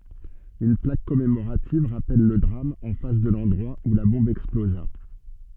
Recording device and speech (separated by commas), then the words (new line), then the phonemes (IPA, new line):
soft in-ear microphone, read sentence
Une plaque commémorative rappelle le drame en face de l'endroit où la bombe explosa.
yn plak kɔmemoʁativ ʁapɛl lə dʁam ɑ̃ fas də lɑ̃dʁwa u la bɔ̃b ɛksploza